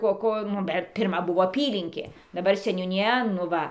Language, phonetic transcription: Lithuanian, ˈko ˈko nu ˈbet pirˈma ˈbuvo aˈpylinkė daˈbar seniūniˈja nu ˈva

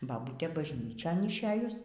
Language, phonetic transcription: Lithuanian, baˈbūtė bažˈnyčion išˈėjus

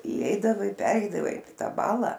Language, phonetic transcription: Lithuanian, įˈeidavai ˈpereidavai ˈtą ˈbala

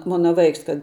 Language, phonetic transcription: Lithuanian, ˈmona ˈvaiks kad

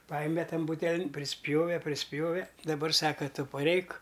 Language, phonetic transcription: Lithuanian, ˈpajeme ˈtan ˈbūtelin priˈspjove priˈspjove daˈbar ˈsaka ˈtu paˈreik

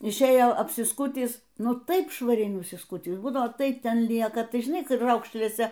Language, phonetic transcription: Lithuanian, išˈėjo apsiˈskutįs ˈnu ˈtaip švaˈriai nusiˈskutįs ˈbūdavo ˈtai ˈten ˈlieka ˈtai žiˈnai ˈkraukšlėse

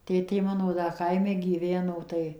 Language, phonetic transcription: Lithuanian, ˈtėtė ˈmano da ˈkaime gyˈveno tai

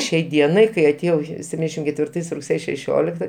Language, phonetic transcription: Lithuanian, ˈšiai ˈdienai kai atėˈjau sepˈtyndešim ketvirˈtais rugˈsėje šeˈšiolikta

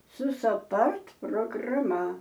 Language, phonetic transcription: Lithuanian, su saˈpard prograˈma

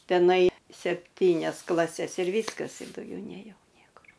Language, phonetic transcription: Lithuanian, teˈnai sepˈtynias klaˈses ir ˈvyskas ir dauˈgiau nėˈjau ˈniekur

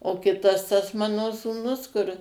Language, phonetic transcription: Lithuanian, o ˈkitas tas ˈmano sūˈnus kur

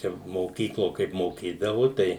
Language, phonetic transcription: Lithuanian, ˈčia moˈkyklo ˈkaip moˈkydavu ˈtai

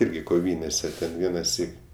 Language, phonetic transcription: Lithuanian, ˈirgi koˈvynėse ten ˈvienaˌsyk

